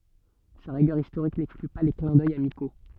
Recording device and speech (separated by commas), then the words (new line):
soft in-ear microphone, read sentence
Sa rigueur historique n'exclut pas les clins d’œil amicaux.